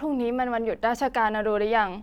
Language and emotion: Thai, frustrated